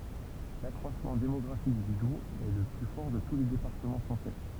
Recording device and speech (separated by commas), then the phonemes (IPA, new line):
temple vibration pickup, read sentence
lakʁwasmɑ̃ demɔɡʁafik dy dubz ɛ lə ply fɔʁ də tu le depaʁtəmɑ̃ fʁɑ̃sɛ